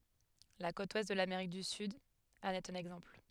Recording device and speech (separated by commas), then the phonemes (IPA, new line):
headset microphone, read sentence
la kot wɛst də lameʁik dy syd ɑ̃n ɛt œ̃n ɛɡzɑ̃pl